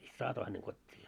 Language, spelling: Finnish, sitten saatoin hänet kotiin ja
- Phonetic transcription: sit 'saatoi häneŋ 'kot́t́ii ja .

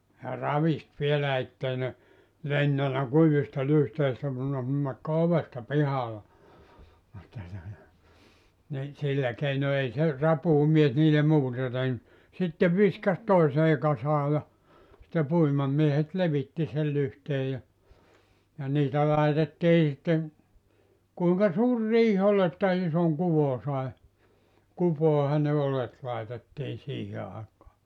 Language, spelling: Finnish, ja ravisti vielä että ei ne lentänyt kuivista lyhteistä kun ne nakkoi ovesta pihalle että tuota niin sillä keino ei se rapuumies niille muuta tehnyt sitten viskasi toiseen kasaan ja sitten puimamiehet levitti sen lyhteen ja ja niitä laitettiin sitten kuinka suuri riihi oli että ison kuvon sai kupoihin ne oljet laitettiin siihen aikaan
- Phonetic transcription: ja "ravist 'vielä 'ettei ne , "lentänä 'kuivista 'lyhteistä kun ne (nakko) 'ovesta "pihale , (että tuota) , ni , 'sillä keino 'ei se , 'rapuumies niile 'muuta tehny , 'sitte viskas "toisee 'kasaa ja , sⁱtte 'puimamiehet "levitti sel 'lyhtee ja , ja niitä 'laitettii sitteŋ , kuiŋka 'suur "riih ‿ol ‿että 'isoŋ 'kuvo sae , 'kupòehan ne 'olet laetettiin̬ 'siihe àekaa .

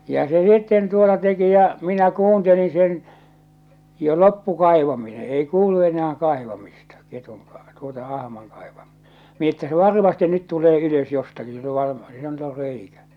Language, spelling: Finnish, ja se sitten tuota teki ja minä kuuntelin sen jo loppui kaivaminen ei kuulu enää kaivamista ketun - tuota ahman - kaivaminen että se varmasti nyt tulee ylös jostakin sillä on - sillä nyt on reikä
- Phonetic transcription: ja se sitten 'tuota 'teki ja , 'minä 'kuunteliḭ sen , 'jo "loppu 'kaivamine 'ei 'kuulu 'enä₍ä 'kai̬vamista ketuŋ ka- tuota 'ahmaŋ kaivaᴍɪ- mi ‿että se "varmaste 'nyt tulee 'ylös 'jostaki sill ‿o var- , sillä nʸt ‿or 'reikä .

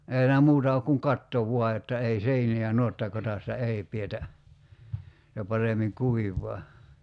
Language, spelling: Finnish, ei siinä muuta ole kuin katto vain jotta ei seiniä nuottakodassa ei pidetä se paremmin kuivaa
- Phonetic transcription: ei [sii]nä 'muuta ok kuŋ "katto 'vua jotta ei 'seini₍ä 'nuotakot̳§assa "ei pietä , (se) 'paremiŋ "kuiv̀ɔa .

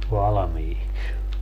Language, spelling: Finnish, valmiiksi
- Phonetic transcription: 'valᵃmiiks .

